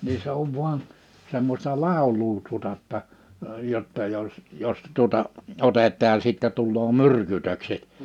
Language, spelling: Finnish, niin se on vain semmoista laulua tuota jotta jotta jos jos tuota otetaan ja sitten tulee myrkytykset
- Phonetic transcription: ni 'se ‿ov vuan , semmośta 'làoluu tuᵒta ‿tta , 'jotta jos , 'jos tuᵒta , 'otet̆taaj ja sittɛ tulloo 'myrkytökset .

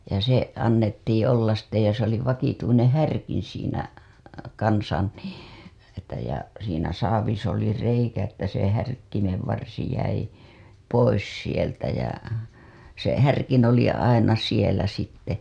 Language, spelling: Finnish, ja se annettiin olla sitten ja se oli vakituinen härkin siinä kanssa niin että ja siinä saavissa oli reikä että se härkkimen varsi jäi pois sieltä ja se härkin oli aina siellä sitten
- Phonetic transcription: ja se , annettiiḭ ollas sitte ja se ‿oli vakituineḛ 'härkin̬ siinä , kansan nII , että ja , siinä saavis ‿oli 'reikä että se härkkimev varsi jäi , 'pois sieltä jä , se härkin oli aina sielä sitte .

